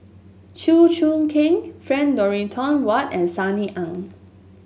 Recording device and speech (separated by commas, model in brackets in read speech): mobile phone (Samsung S8), read sentence